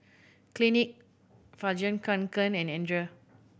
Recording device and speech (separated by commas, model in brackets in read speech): boundary microphone (BM630), read sentence